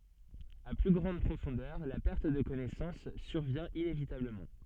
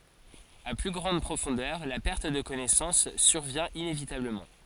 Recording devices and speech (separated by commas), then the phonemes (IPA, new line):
soft in-ear microphone, forehead accelerometer, read sentence
a ply ɡʁɑ̃d pʁofɔ̃dœʁ la pɛʁt də kɔnɛsɑ̃s syʁvjɛ̃ inevitabləmɑ̃